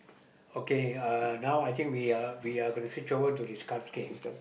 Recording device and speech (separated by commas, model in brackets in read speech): boundary microphone, conversation in the same room